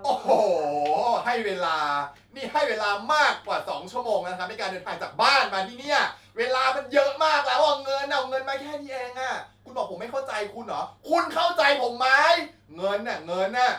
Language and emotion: Thai, angry